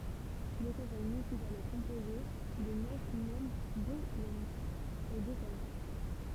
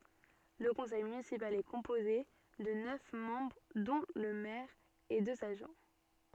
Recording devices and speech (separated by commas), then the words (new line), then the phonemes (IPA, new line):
temple vibration pickup, soft in-ear microphone, read sentence
Le conseil municipal est composé de neuf membres dont le maire et deux adjoints.
lə kɔ̃sɛj mynisipal ɛ kɔ̃poze də nœf mɑ̃bʁ dɔ̃ lə mɛʁ e døz adʒwɛ̃